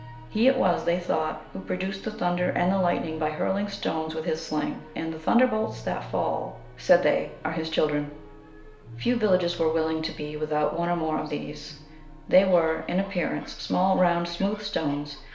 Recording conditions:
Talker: one person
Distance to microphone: 1.0 m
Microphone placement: close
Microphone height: 1.1 m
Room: small (3.7 m by 2.7 m)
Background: television

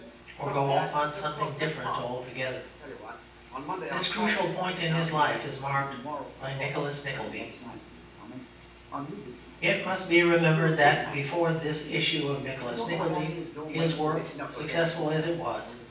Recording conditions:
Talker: one person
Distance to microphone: 9.8 m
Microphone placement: far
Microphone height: 1.8 m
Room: large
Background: television

